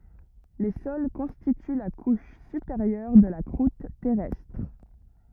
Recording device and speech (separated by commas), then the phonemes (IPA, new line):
rigid in-ear microphone, read sentence
le sɔl kɔ̃stity la kuʃ sypeʁjœʁ də la kʁut tɛʁɛstʁ